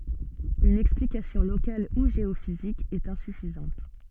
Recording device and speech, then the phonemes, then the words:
soft in-ear microphone, read sentence
yn ɛksplikasjɔ̃ lokal u ʒeofizik ɛt ɛ̃syfizɑ̃t
Une explication locale ou géophysique est insuffisante.

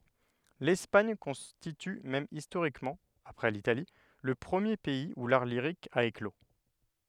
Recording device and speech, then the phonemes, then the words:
headset microphone, read sentence
lɛspaɲ kɔ̃stity mɛm istoʁikmɑ̃ apʁɛ litali lə pʁəmje pɛiz u laʁ liʁik a eklo
L’Espagne constitue même historiquement, après l’Italie, le premier pays où l’art lyrique a éclos.

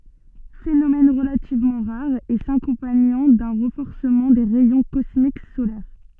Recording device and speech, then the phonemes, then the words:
soft in-ear microphone, read sentence
fenomɛn ʁəlativmɑ̃ ʁaʁ e sakɔ̃paɲɑ̃ dœ̃ ʁɑ̃fɔʁsəmɑ̃ de ʁɛjɔ̃ kɔsmik solɛʁ
Phénomène relativement rare et s'accompagnant d'un renforcement des rayons cosmiques solaires.

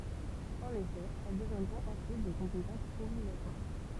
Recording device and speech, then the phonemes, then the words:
temple vibration pickup, read sentence
ɑ̃n efɛ ɛl dəvjɛ̃dʁɔ̃t ɑ̃syit de kɔ̃petɑ̃sz ɔbliɡatwaʁ
En effet, elles deviendront ensuite des compétences obligatoires.

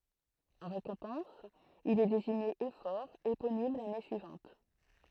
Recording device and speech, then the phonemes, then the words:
throat microphone, read sentence
ɑ̃ ʁekɔ̃pɑ̃s il ɛ deziɲe efɔʁ eponim lane syivɑ̃t
En récompense, il est désigné éphore éponyme l’année suivante.

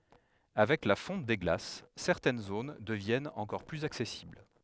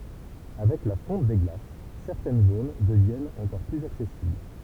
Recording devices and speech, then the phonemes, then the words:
headset microphone, temple vibration pickup, read sentence
avɛk la fɔ̃t de ɡlas sɛʁtɛn zon dəvjɛnt ɑ̃kɔʁ plyz aksɛsibl
Avec la fonte des glaces, certaines zones deviennent encore plus accessibles.

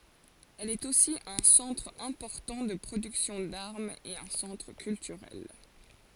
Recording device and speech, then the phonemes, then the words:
forehead accelerometer, read sentence
ɛl ɛt osi œ̃ sɑ̃tʁ ɛ̃pɔʁtɑ̃ də pʁodyksjɔ̃ daʁmz e œ̃ sɑ̃tʁ kyltyʁɛl
Elle est aussi un centre important de production d'armes et un centre culturel.

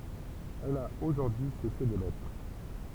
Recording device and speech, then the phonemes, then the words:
temple vibration pickup, read sentence
ɛl a oʒuʁdyi y sɛse demɛtʁ
Elle a aujourd’hui cessé d’émettre.

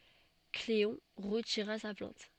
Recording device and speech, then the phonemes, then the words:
soft in-ear microphone, read sentence
kleɔ̃ ʁətiʁa sa plɛ̃t
Cléon retira sa plainte.

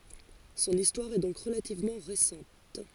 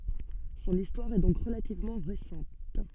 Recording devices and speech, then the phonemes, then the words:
forehead accelerometer, soft in-ear microphone, read sentence
sɔ̃n istwaʁ ɛ dɔ̃k ʁəlativmɑ̃ ʁesɑ̃t
Son histoire est donc relativement récente.

